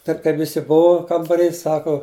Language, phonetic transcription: Lithuanian, ˈtaip kaip viˈsi ˈbuvu kambaˈry ˈsaku

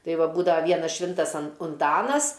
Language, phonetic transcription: Lithuanian, ˈtai ˈva ˈbūdava ˈvienas ˈšvintas an unˈtanas

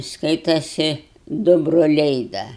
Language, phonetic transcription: Lithuanian, ˈskaitasi ˈdu broˈliai ˈda

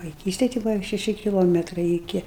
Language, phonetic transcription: Lithuanian, vaiˈkystej tai ˈbuva šeˈši kiˈlometrai iˈki

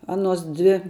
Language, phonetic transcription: Lithuanian, ˈanuos ˈdvi

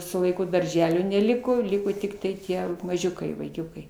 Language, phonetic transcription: Lithuanian, su laiˈku darˈželio neˈliko ˈliko tiktai ˈtie maˈžiukai vaiˈkiukai

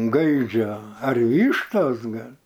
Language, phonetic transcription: Lithuanian, ˈgaidžio ar ˈvyštos ˈgal'

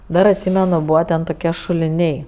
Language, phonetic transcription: Lithuanian, ˈdar atˈsymenu ˈbūva ten toˈkie šuliˈniai

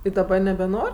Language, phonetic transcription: Lithuanian, i daˈba nebeˈnor'

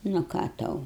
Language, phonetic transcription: Lithuanian, nu ˈką ˈtau

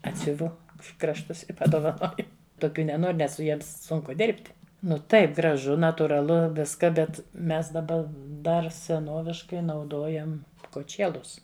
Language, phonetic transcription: Lithuanian, ˈatsiuvu krašˈtus i padovaˈnoju toˈkių neˈnor' ˈnes su ˈjiems ˈsunku ˈdirbt' ˈnu ˈtaip graˈžu natūraˈlu ˈviska bet ˈmes daˈba ˈdar seˈnoviškai nauˈdojam koˈčėlus

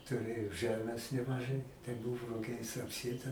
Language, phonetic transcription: Lithuanian, tuˈrėjo ˈžɜmės nemaˈžai tai ˈbuvo ruˈgiais apˈsėta

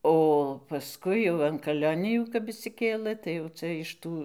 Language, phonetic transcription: Lithuanian, o paˈskui jau an kaˈlionijų kap išsiˈkėlə tai jau ˈca iš ˈtų

